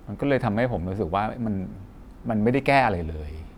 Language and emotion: Thai, frustrated